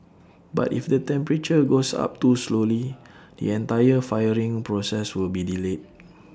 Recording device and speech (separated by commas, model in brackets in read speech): standing microphone (AKG C214), read sentence